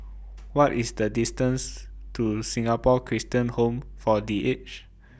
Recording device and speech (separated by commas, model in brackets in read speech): boundary microphone (BM630), read sentence